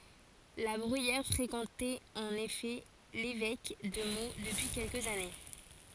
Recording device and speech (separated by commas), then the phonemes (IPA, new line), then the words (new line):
forehead accelerometer, read sentence
la bʁyijɛʁ fʁekɑ̃tɛt ɑ̃n efɛ levɛk də mo dəpyi kɛlkəz ane
La Bruyère fréquentait en effet l’évêque de Meaux depuis quelques années.